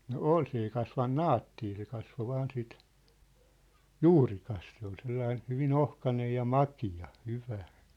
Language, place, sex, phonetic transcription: Finnish, Sippola, male, no "ol 's ‿ei kasvan "naattii se 'kasvo 'vaan sit , "juurikas se ‿ol 'sellain̬ , 'hyvin "ohkanej ja "maki₍a , 'hyvä .
- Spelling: no oli se ei kasvanut naattia se kasvoi vain sitä juurikas se oli sellainen hyvin ohkainen ja makea hyvä

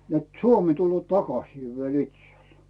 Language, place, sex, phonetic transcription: Finnish, Rautu, male, net » "Suomi tullᵘòᵗ 'takasì viel 'itsel « .
- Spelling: että Suomi tulee takaisin vielä itselle

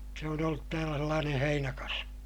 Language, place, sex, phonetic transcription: Finnish, Ilmajoki, male, se on ‿ollut täälä sellaaneè heinäkasvi .
- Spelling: se on ollut täällä sellainen heinäkasvi

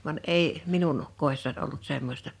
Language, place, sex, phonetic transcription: Finnish, Liperi, female, van 'ei , 'minun , 'kòessan ’ollut 'semmosta .
- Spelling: vaan ei minun kodissani ollut semmoista

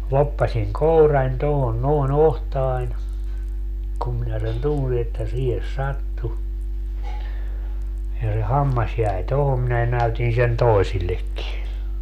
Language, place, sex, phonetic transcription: Finnish, Padasjoki, male, 'loppasiŋ "kourań 'tohon nòe"n ‿ohtaań , kum minä sen "tunsi että 'siihes "sattu , ja se "hammas jäi "tohom minä 'näytin sen "toisillekki .
- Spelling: loppasin kourani tuohon noin otsaani kun minä sen tunsin että siihen sattui ja se hammas jäi tuohon minä näytin sen toisillekin

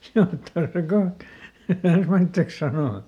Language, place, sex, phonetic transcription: Finnish, Lieto, male, (se on tosi ˈkoht) , eˈt ‿ensmäitteks ˈsanò .
- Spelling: se on tosi kohta että ensimmäiseksi sanoi

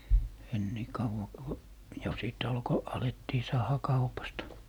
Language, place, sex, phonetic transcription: Finnish, Lappee, male, en nì 'kauva ku , jo 'sìt 'alko , 'alettii "saaha 'kaupasta .
- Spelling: en niin kauan kun jo sitten alkoi alettiin saada kaupasta

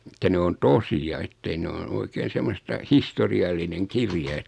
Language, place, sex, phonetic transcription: Finnish, Noormarkku, male, ᵉttä 'ne on "tosi₍a ettei 'ne noin 'oikeen̬ 'semmosta "histori₍allineŋ "kirja et ,.
- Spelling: että ne on tosia että ei ne noin oikein semmoista historiallinen kirja että

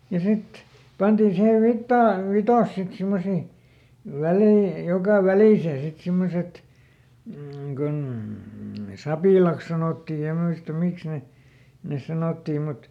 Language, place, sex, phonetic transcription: Finnish, Lieto, male, ja ˈsit , ˈpantiin̬ ˈsihev ˈvittaa- , "vitas sit ˈsimmosi , ˈvälei , ˈjoka "välìsee sit ˈsimmoset , m̥ kun , "sapìlàks ˈsanòtti ja ˈmuista ˈmiks ne , nes ˈsanottii mut ,.
- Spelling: ja sitten pantiin siihen - vitsas sitten semmoisiin väleihin joka väliseen sitten semmoiset mm kun sapilaiksi sanottiin ja muista miksi ne ne sanottiin mutta

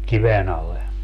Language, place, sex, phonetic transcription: Finnish, Padasjoki, male, 'kiven ‿al̆le .
- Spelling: kiven alle

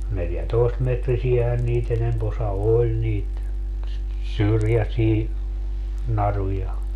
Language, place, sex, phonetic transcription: Finnish, Padasjoki, male, 'neljätoestmetrisi₍ähän nii't ‿enemp ‿osa "oĺ niit , "syrjäsii , 'naruja .
- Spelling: neljätoistametrisiähän niitä enempi osa oli niitä syrjäisiä naruja

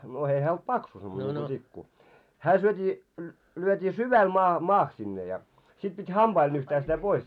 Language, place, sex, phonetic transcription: Finnish, Moloskovitsa, male, no 'ei hää olt 'paksu semmone niŋku tikku , 'hää syöt́ii , lyöt́ii "syväl maa , 'maah sinne ja , sit pit "hamʙail 'nyhtää sitä 'pois .
- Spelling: no ei hän ollut paksu semmoinen niin kuin tikku hän syötiin lyötiin syvälle - maahan sinne ja sitten piti hampailla nyhtää sitä pois

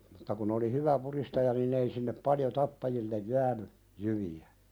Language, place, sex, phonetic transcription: Finnish, Pälkäne, male, mutta kun ‿oli "hyvä 'puðistaja nin̆'n ‿ei sinnep 'paljo 'tappajillej "jääny , jyvi₍ä .
- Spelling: mutta kun oli hyvä pudistaja niin ei sinne paljon tappajille jäänyt jyviä

